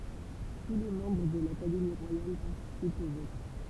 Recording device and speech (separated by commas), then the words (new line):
temple vibration pickup, read sentence
Tous les membres de l'Académie royale participent au vote.